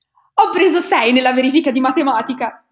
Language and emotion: Italian, happy